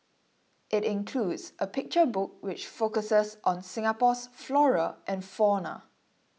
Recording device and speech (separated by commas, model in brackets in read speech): mobile phone (iPhone 6), read sentence